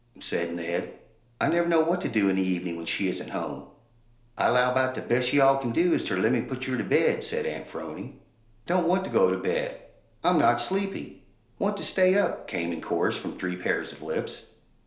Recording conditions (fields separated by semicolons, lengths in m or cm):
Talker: one person; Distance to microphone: 1.0 m; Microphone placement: close; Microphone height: 1.1 m; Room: small (3.7 m by 2.7 m); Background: none